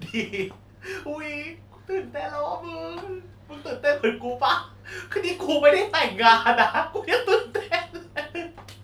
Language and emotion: Thai, happy